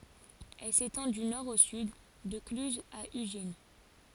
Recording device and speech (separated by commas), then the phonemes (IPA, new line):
forehead accelerometer, read sentence
ɛl setɑ̃ dy nɔʁ o syd də klyzz a yʒin